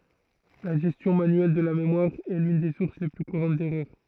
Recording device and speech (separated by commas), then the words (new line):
throat microphone, read sentence
La gestion manuelle de la mémoire est l'une des sources les plus courantes d'erreur.